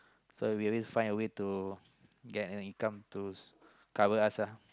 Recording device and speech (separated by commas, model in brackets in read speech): close-talking microphone, conversation in the same room